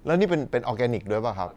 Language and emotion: Thai, neutral